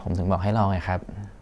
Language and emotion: Thai, neutral